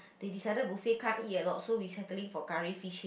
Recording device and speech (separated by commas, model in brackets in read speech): boundary microphone, conversation in the same room